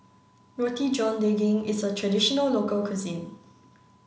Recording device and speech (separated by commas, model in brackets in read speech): mobile phone (Samsung C9), read sentence